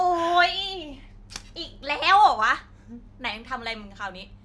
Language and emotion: Thai, frustrated